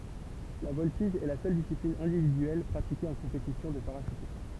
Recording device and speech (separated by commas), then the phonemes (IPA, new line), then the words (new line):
temple vibration pickup, read sentence
la vɔltiʒ ɛ la sœl disiplin ɛ̃dividyɛl pʁatike ɑ̃ kɔ̃petisjɔ̃ də paʁaʃytism
La voltige est la seule discipline individuelle pratiquée en compétition de parachutisme.